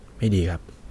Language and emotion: Thai, sad